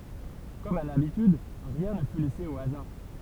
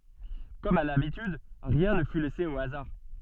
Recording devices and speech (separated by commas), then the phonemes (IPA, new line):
temple vibration pickup, soft in-ear microphone, read sentence
kɔm a labityd ʁiɛ̃ nə fy lɛse o azaʁ